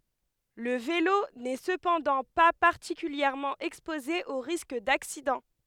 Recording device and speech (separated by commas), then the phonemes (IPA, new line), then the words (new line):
headset microphone, read sentence
lə velo nɛ səpɑ̃dɑ̃ pa paʁtikyljɛʁmɑ̃ ɛkspoze o ʁisk daksidɑ̃
Le vélo n'est cependant pas particulièrement exposé aux risques d'accidents.